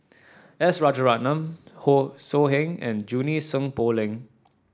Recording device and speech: standing microphone (AKG C214), read sentence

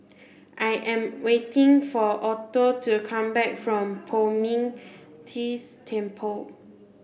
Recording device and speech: boundary microphone (BM630), read sentence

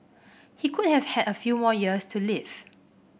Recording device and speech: boundary microphone (BM630), read sentence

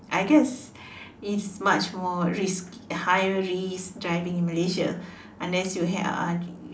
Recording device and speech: standing microphone, conversation in separate rooms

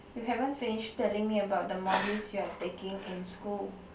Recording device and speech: boundary microphone, conversation in the same room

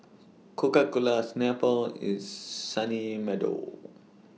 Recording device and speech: mobile phone (iPhone 6), read sentence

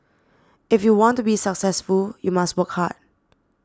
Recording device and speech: standing microphone (AKG C214), read sentence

